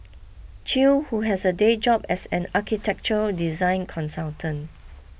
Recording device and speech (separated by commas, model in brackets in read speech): boundary microphone (BM630), read sentence